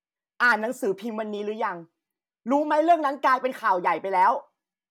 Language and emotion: Thai, angry